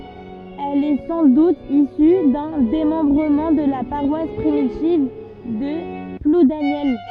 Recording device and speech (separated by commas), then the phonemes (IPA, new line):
soft in-ear microphone, read sentence
ɛl ɛ sɑ̃ dut isy dœ̃ demɑ̃bʁəmɑ̃ də la paʁwas pʁimitiv də pludanjɛl